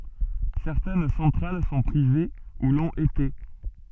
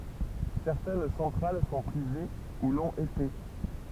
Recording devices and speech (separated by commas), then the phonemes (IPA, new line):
soft in-ear microphone, temple vibration pickup, read sentence
sɛʁtɛn sɑ̃tʁal sɔ̃ pʁive u lɔ̃t ete